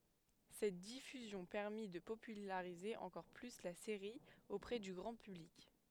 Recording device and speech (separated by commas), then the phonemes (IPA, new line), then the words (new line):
headset microphone, read sentence
sɛt difyzjɔ̃ pɛʁmi də popylaʁize ɑ̃kɔʁ ply la seʁi opʁɛ dy ɡʁɑ̃ pyblik
Cette diffusion permit de populariser encore plus la série auprès du grand public.